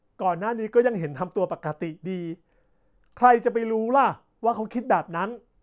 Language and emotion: Thai, frustrated